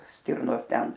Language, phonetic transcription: Lithuanian, ˈstirnos ˈten

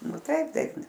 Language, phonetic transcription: Lithuanian, nu ˈtaip ˈtaip

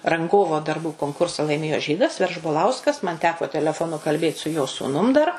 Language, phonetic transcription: Lithuanian, ranˈgovo darˈbų konkursa laiˈmėjo ˈžydas veržboˈlauskas man ˈteko teleˈfoˌnu kalˈbėt su jo sūˈnum dar

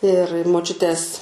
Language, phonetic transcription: Lithuanian, ir moˈčiutės

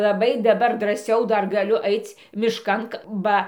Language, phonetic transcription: Lithuanian, laˈbai daˈbar drąˈsiau ˈdar gaˈliu ˈaic' mišˈkan ˈba

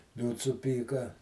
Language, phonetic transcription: Lithuanian, ˈliūts suˈpyka

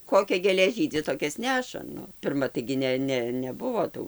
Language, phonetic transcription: Lithuanian, ˈkokia gėˈlė ˈžydi ˈtokias ˈneša ˈnu pirˈma taigi ˈne ˈne ˈnebuvo ˈtų

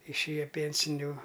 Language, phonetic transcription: Lithuanian, išˈėja ˈpėnsiniu

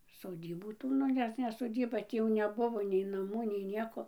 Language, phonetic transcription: Lithuanian, soˈdybų ˈtų ˈnu ˈnes ne soˈdyba ˈtį jau neˈbuvo nei naˈmų nei ˈnieko

